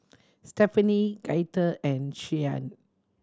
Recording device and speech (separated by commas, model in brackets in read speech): standing microphone (AKG C214), read sentence